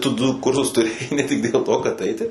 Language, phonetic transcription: Lithuanian, ˈtu ˈdu ˈkursus tuˈrėjai ne ˈtik dėl ˈto kad ˈaiti

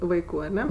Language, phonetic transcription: Lithuanian, ˈvaiku aˈne

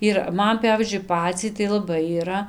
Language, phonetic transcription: Lithuanian, ir ˈman ˈpævyzdžiui ˈpaciai tai laˈbai yˈra

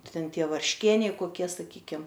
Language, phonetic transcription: Lithuanian, ˈten ˈtie varšˈkieniai koˈkie saˈkykim

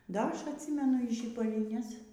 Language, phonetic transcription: Lithuanian, ˈda ˈaš atˈsymenu y žybaliˈnes

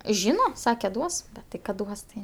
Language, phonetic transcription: Lithuanian, ˈžyna ˈsake ˈduos tik ˈkad ˈduos tai

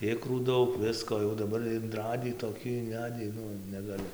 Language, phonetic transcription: Lithuanian, ˈikrų ˈdaug ˈvisko jau daˈbar inˈradį toˈkį inˈvedį ˈnu negaˈli

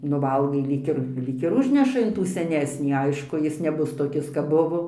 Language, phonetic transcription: Lithuanian, nu ˈvalgai ˈlyg ir ˈlyg ir ˈužneša in ˈtų seˈnesnį ˈaišku ˈjis neˈbus toˈkis kap ˈbuvo

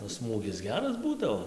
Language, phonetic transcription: Lithuanian, o ˈsmūgis ˈgeras ˈbūdavo

